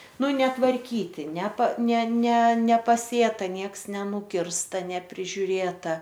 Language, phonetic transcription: Lithuanian, ˈnu netvarˈkyti nepa ne ne nepaˈsėta ˈnieks neˈnukirsta neprižiuˈrėta

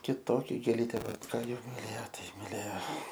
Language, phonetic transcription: Lithuanian, kiˈtokia gėˈlytė ˈva ˈką ˈjau miˈlėjo ˈtai miˈlėjo

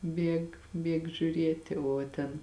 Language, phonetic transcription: Lithuanian, ˈbieg ˈbieg žiūˈrieti o ˈten

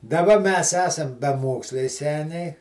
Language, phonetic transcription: Lithuanian, daˈba mes ˈesam beˈmoksliai ˈseniai

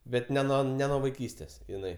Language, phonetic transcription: Lithuanian, ˈbet ne ˈnuo ne nuo vaiˈkystės iˈnai

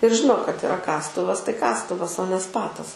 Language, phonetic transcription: Lithuanian, ir ˈžino kad iˈra ˈkastuvas tai ˈkastuvas o ne ˈspatas

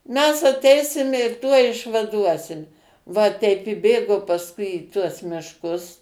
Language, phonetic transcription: Lithuanian, mes aˈteisime ir ˈtuoj išvaˈduosim va ˈteip i ˈbėgo pasˈkui į tuos mišˈkus

